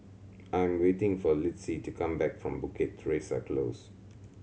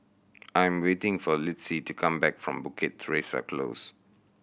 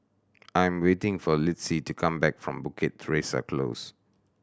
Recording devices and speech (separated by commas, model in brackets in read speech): mobile phone (Samsung C7100), boundary microphone (BM630), standing microphone (AKG C214), read sentence